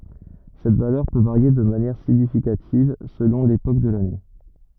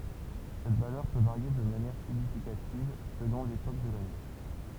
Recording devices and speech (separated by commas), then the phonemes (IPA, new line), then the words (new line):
rigid in-ear microphone, temple vibration pickup, read sentence
sɛt valœʁ pø vaʁje də manjɛʁ siɲifikativ səlɔ̃ lepok də lane
Cette valeur peut varier de manière significative selon l’époque de l’année.